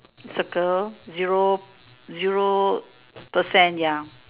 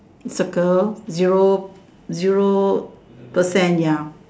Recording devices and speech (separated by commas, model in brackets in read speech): telephone, standing microphone, conversation in separate rooms